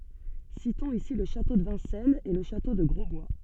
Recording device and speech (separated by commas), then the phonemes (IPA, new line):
soft in-ear microphone, read sentence
sitɔ̃z isi lə ʃato də vɛ̃sɛnz e lə ʃato də ɡʁɔzbwa